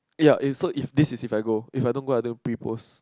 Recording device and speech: close-talking microphone, conversation in the same room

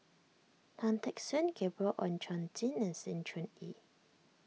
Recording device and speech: mobile phone (iPhone 6), read sentence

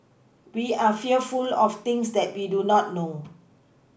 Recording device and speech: boundary microphone (BM630), read sentence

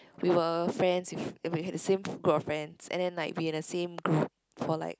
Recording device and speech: close-talking microphone, conversation in the same room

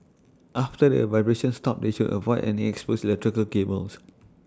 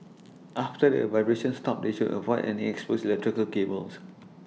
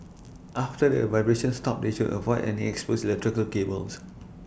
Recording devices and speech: standing microphone (AKG C214), mobile phone (iPhone 6), boundary microphone (BM630), read sentence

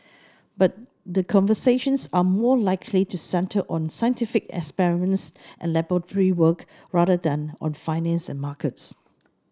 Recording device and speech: standing microphone (AKG C214), read sentence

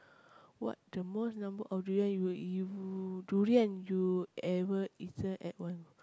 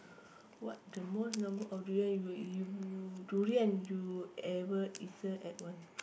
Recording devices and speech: close-talking microphone, boundary microphone, conversation in the same room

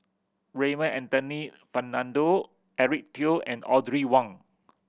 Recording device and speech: boundary microphone (BM630), read sentence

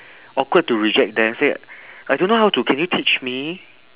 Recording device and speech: telephone, conversation in separate rooms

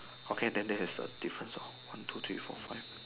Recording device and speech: telephone, conversation in separate rooms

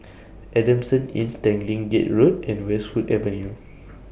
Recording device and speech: boundary microphone (BM630), read sentence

